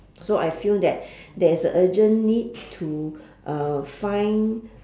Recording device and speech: standing microphone, conversation in separate rooms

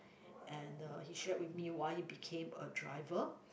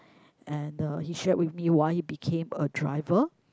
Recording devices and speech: boundary microphone, close-talking microphone, conversation in the same room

